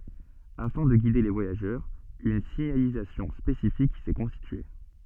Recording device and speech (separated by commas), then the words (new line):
soft in-ear microphone, read sentence
Afin de guider les voyageurs, une signalisation spécifique s'est constituée.